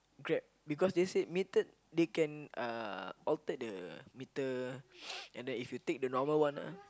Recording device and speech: close-talking microphone, conversation in the same room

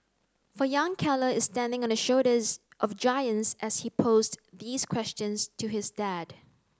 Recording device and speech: close-talking microphone (WH30), read sentence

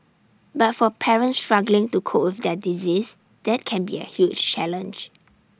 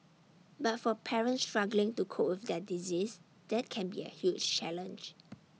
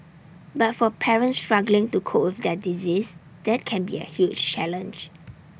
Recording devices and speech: standing microphone (AKG C214), mobile phone (iPhone 6), boundary microphone (BM630), read sentence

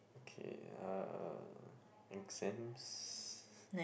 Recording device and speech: boundary microphone, conversation in the same room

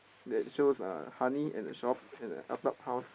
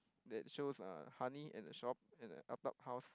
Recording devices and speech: boundary microphone, close-talking microphone, conversation in the same room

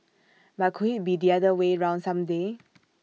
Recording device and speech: mobile phone (iPhone 6), read sentence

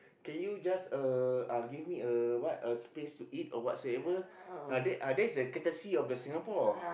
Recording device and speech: boundary microphone, conversation in the same room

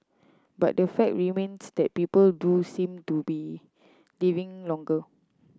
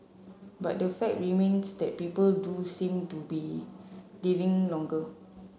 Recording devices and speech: close-talking microphone (WH30), mobile phone (Samsung C7), read sentence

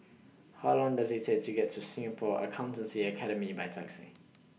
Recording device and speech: mobile phone (iPhone 6), read sentence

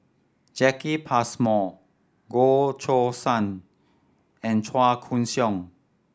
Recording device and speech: standing microphone (AKG C214), read sentence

